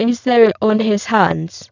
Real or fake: fake